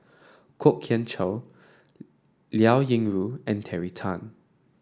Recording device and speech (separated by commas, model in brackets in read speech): standing microphone (AKG C214), read sentence